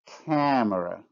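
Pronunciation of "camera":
'camera' is said with nasalization.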